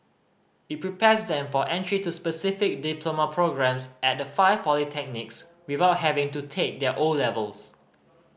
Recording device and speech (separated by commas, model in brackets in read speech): boundary microphone (BM630), read sentence